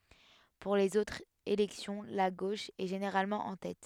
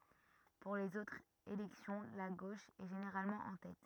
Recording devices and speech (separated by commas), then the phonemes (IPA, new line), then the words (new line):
headset microphone, rigid in-ear microphone, read sentence
puʁ lez otʁz elɛksjɔ̃ la ɡoʃ ɛ ʒeneʁalmɑ̃ ɑ̃ tɛt
Pour les autres élections, la gauche est généralement en tête.